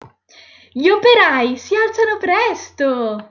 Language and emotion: Italian, happy